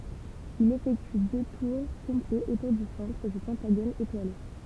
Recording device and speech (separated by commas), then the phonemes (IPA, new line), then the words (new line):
temple vibration pickup, read sentence
il efɛkty dø tuʁ kɔ̃plɛz otuʁ dy sɑ̃tʁ dy pɑ̃taɡon etwale
Il effectue deux tours complets autour du centre du pentagone étoilé.